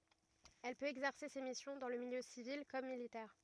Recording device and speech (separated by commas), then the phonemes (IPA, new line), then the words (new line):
rigid in-ear microphone, read sentence
ɛl pøt ɛɡzɛʁse se misjɔ̃ dɑ̃ lə miljø sivil kɔm militɛʁ
Elle peut exercer ses missions dans le milieu civil comme militaire.